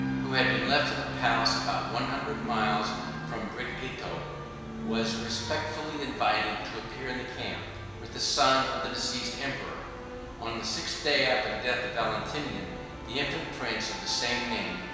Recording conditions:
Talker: one person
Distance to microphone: 1.7 m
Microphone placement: close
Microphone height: 1.0 m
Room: very reverberant, large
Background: music

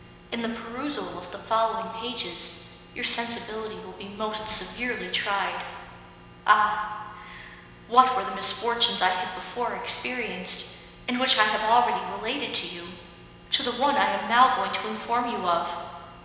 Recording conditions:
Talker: one person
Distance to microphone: 1.7 m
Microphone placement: close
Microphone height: 1.0 m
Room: very reverberant, large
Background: none

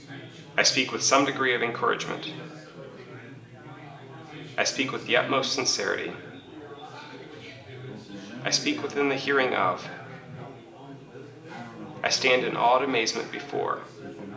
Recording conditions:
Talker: one person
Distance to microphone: 1.8 m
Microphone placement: close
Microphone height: 1.0 m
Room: large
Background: babble

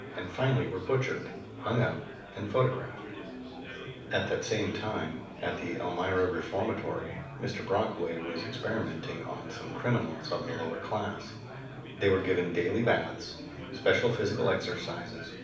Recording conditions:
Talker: one person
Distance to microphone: 5.8 m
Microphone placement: far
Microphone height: 1.8 m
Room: medium-sized (5.7 m by 4.0 m)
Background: babble

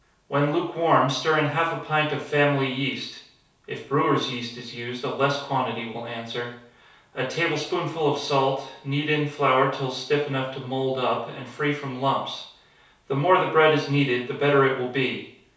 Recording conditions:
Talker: one person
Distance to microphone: 3.0 m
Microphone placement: far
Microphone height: 1.8 m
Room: small (3.7 m by 2.7 m)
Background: none

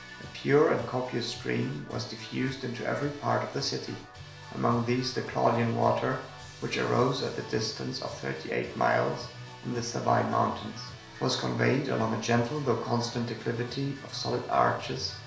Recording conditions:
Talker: one person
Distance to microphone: 1.0 m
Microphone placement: close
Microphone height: 1.1 m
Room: small (3.7 m by 2.7 m)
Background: music

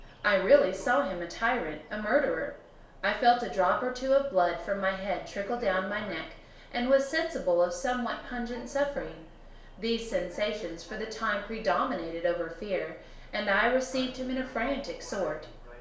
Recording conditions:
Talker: one person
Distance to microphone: 1.0 m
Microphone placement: close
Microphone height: 1.1 m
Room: small (3.7 m by 2.7 m)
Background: television

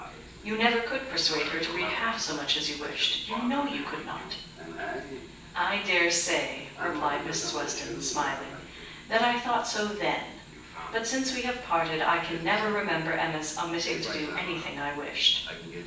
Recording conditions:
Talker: one person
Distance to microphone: 9.8 m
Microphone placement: far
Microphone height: 1.8 m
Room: large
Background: television

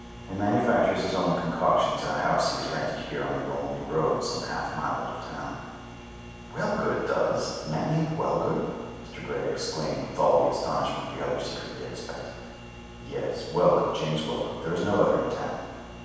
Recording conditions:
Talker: one person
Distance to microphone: 7.1 m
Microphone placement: far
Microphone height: 1.7 m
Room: very reverberant, large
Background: none

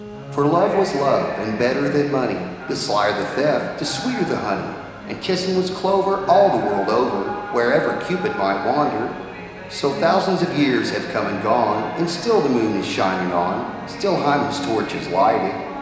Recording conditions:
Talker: one person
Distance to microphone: 1.7 m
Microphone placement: close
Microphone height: 1.0 m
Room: very reverberant, large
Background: television

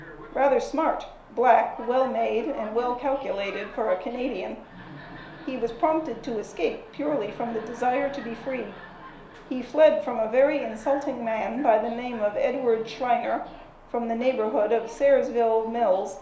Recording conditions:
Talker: one person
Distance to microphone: 1.0 m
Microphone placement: close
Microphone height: 1.1 m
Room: small (3.7 m by 2.7 m)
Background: television

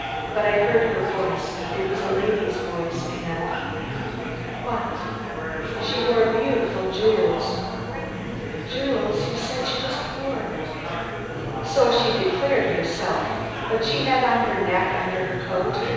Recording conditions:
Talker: one person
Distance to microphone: 7.1 m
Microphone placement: far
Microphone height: 1.7 m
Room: very reverberant, large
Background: babble

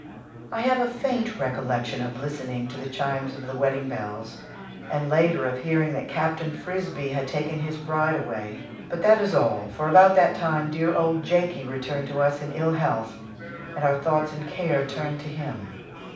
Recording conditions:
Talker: one person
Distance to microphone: 5.8 m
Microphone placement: far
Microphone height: 1.8 m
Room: medium-sized (5.7 m by 4.0 m)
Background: babble

